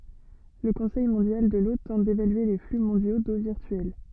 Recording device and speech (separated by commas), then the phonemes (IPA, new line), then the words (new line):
soft in-ear microphone, read sentence
lə kɔ̃sɛj mɔ̃djal də lo tɑ̃t devalye le fly mɔ̃djo do viʁtyɛl
Le Conseil mondial de l'eau tente d'évaluer les flux mondiaux d'eau virtuelle.